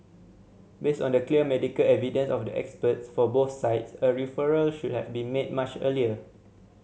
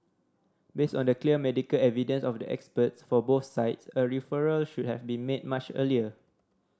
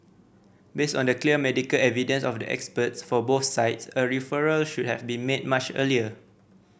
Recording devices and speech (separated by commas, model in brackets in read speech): mobile phone (Samsung C7100), standing microphone (AKG C214), boundary microphone (BM630), read sentence